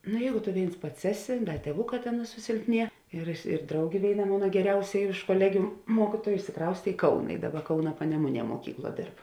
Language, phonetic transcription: Lithuanian, ˈnu ˈjeigu tu ˈvėins ˈpats ˈeˌsi ˈda tieˈvuˌkā ˈtėn susilpˈnie ir ir ˈdraugė ˈvėiˌna ˈmona geˈriausia iš koˈlegiu ˈmuokituoju išsiˈkraustė i ˈkauna i ˈdaˌba ˈkauna paneˈmuˌnie moˈkykˌluo ˈdėrb

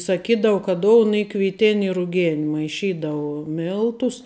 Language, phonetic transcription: Lithuanian, saˈkydavu ka ˈdoun ˈy kviˈtin i ruˈgen maiˈšydavu ˈmiltus

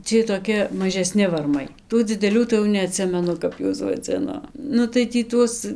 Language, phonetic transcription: Lithuanian, ˈciej toˈki mažeˈsni varˈmai ˈtų dzideˈlių tai jau neaˈtsimenu ˈkap juos vaˈdzino ˈnu tai tį ˈtuos

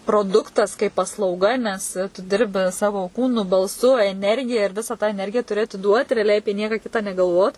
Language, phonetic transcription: Lithuanian, proˈduktas kaip paslauˈga nes tu ˈdirbi ˈsavo ˈkūnu balˈsu eˈnergija ir ˈvisa tą eˈnergija tuˈri atiˈduot reaˈliai ˈapie ˈnieka ˈkitą negalˈvot

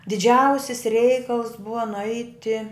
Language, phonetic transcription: Lithuanian, diˈdžiausis ˈreikals ˈbuva nuˈaiti

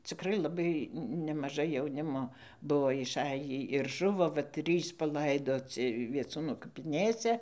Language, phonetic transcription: Lithuanian, ciˈkrai laˈbai nemaˈžai jauˈnimo ˈbuo išˈajį ir ˈžuvo va ˈtrys paˈlaidoci vieˈcūnu kapiˈnėse

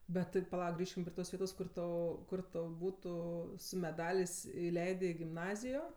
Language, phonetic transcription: Lithuanian, bet tai paˈlauk ˈgrįžkim prie ˈtos ˈvietos ˈkur ˈtu ˈkur tau ˈbūtu su meˈdalės' iˈleidė i gimˈnazijo

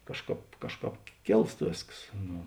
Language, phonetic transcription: Lithuanian, ˈkažˌkāp ˈkažˌkāp ˈkėlst ˈvėsks ˈnu

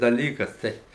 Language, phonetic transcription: Lithuanian, daˈlykas ˈtai

